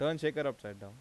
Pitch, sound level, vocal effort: 140 Hz, 90 dB SPL, normal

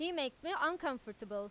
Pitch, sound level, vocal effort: 280 Hz, 95 dB SPL, very loud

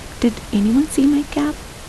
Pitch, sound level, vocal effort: 280 Hz, 77 dB SPL, soft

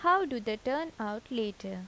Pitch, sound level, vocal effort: 225 Hz, 83 dB SPL, normal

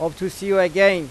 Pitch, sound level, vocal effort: 185 Hz, 96 dB SPL, loud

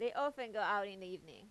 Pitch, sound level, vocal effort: 205 Hz, 93 dB SPL, loud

